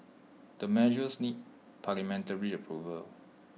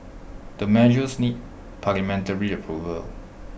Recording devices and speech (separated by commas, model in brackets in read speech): mobile phone (iPhone 6), boundary microphone (BM630), read sentence